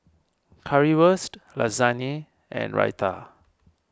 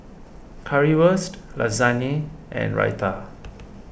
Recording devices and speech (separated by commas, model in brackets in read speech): standing microphone (AKG C214), boundary microphone (BM630), read sentence